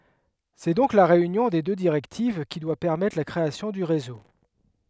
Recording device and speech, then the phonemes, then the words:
headset microphone, read sentence
sɛ dɔ̃k la ʁeynjɔ̃ de dø diʁɛktiv ki dwa pɛʁmɛtʁ la kʁeasjɔ̃ dy ʁezo
C'est donc la réunion des deux directives qui doit permettre la création du réseau.

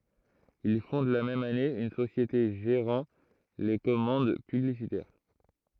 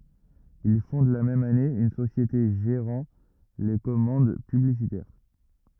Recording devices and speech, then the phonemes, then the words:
throat microphone, rigid in-ear microphone, read sentence
il fɔ̃d la mɛm ane yn sosjete ʒeʁɑ̃ le kɔmɑ̃d pyblisitɛʁ
Il fonde la même année une société gérant les commandes publicitaires.

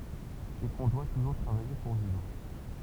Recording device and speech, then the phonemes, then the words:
temple vibration pickup, read sentence
e kɔ̃ dwa tuʒuʁ tʁavaje puʁ vivʁ
Et qu'on doit toujours travailler pour vivre.

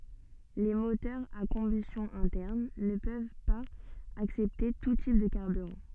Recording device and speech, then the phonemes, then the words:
soft in-ear microphone, read sentence
le motœʁz a kɔ̃bystjɔ̃ ɛ̃tɛʁn nə pøv paz aksɛpte tu tip də kaʁbyʁɑ̃
Les moteurs à combustion interne ne peuvent pas accepter tout type de carburant.

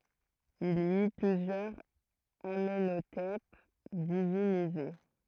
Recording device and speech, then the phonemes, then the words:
throat microphone, read sentence
il i y plyzjœʁz amɑ̃notɛp divinize
Il y eut plusieurs Amenhotep divinisés.

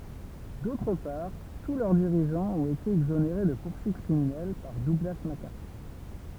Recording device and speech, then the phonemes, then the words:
temple vibration pickup, read sentence
dotʁ paʁ tu lœʁ diʁiʒɑ̃z ɔ̃t ete ɛɡzoneʁe də puʁsyit kʁiminɛl paʁ duɡla makaʁtyʁ
D'autre part, tous leurs dirigeants ont été exonérés de poursuites criminelles par Douglas MacArthur.

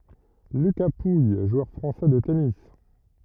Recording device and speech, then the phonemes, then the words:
rigid in-ear microphone, read sentence
lyka puj ʒwœʁ fʁɑ̃sɛ də tenis
Lucas Pouille, joueur français de tennis.

